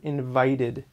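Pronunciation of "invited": In 'invited', the t is said as a d sound.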